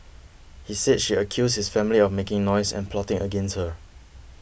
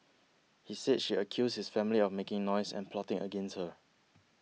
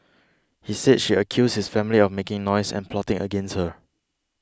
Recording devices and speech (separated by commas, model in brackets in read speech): boundary microphone (BM630), mobile phone (iPhone 6), close-talking microphone (WH20), read sentence